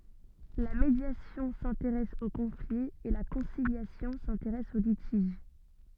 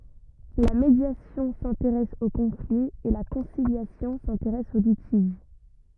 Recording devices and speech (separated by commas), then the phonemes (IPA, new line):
soft in-ear microphone, rigid in-ear microphone, read sentence
la medjasjɔ̃ sɛ̃teʁɛs o kɔ̃fli e la kɔ̃siljasjɔ̃ sɛ̃teʁɛs o litiʒ